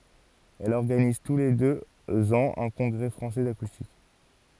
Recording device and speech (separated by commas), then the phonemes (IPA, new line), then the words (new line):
forehead accelerometer, read sentence
ɛl ɔʁɡaniz tu le døz ɑ̃z œ̃ kɔ̃ɡʁɛ fʁɑ̃sɛ dakustik
Elle organise tous les deux ans un Congrès Français d'Acoustique.